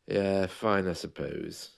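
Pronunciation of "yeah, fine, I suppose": In 'yeah, fine, I suppose', 'fine' is said in a negative tone, showing that the speaker is really not great.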